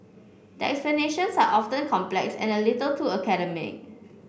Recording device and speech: boundary microphone (BM630), read sentence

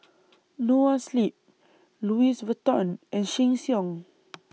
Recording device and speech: mobile phone (iPhone 6), read sentence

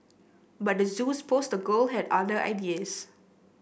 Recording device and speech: boundary microphone (BM630), read sentence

